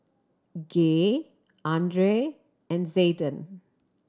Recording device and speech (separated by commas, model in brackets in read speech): standing microphone (AKG C214), read sentence